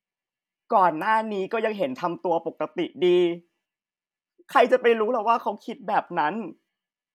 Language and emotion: Thai, sad